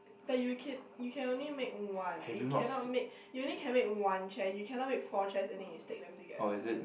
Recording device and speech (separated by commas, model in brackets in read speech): boundary microphone, conversation in the same room